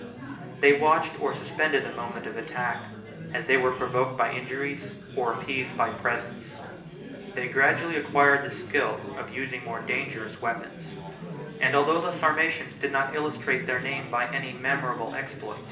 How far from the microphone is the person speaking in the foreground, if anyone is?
1.8 m.